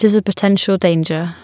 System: none